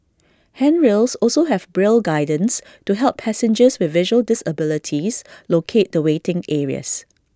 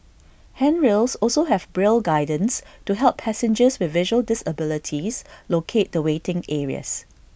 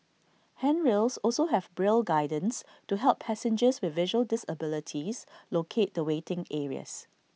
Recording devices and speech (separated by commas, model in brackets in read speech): standing microphone (AKG C214), boundary microphone (BM630), mobile phone (iPhone 6), read sentence